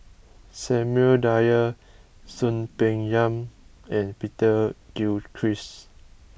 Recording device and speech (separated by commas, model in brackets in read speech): boundary microphone (BM630), read sentence